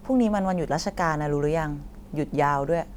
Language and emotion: Thai, neutral